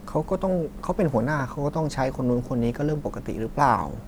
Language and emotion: Thai, neutral